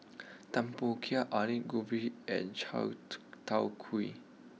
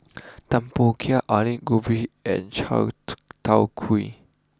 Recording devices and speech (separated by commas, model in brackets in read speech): mobile phone (iPhone 6), close-talking microphone (WH20), read sentence